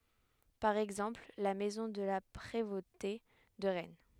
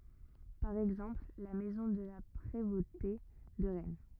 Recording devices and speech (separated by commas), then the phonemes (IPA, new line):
headset microphone, rigid in-ear microphone, read sentence
paʁ ɛɡzɑ̃pl la mɛzɔ̃ də la pʁevote də ʁɛn